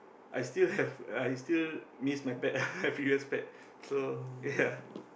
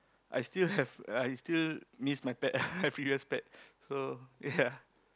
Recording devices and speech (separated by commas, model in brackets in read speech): boundary microphone, close-talking microphone, conversation in the same room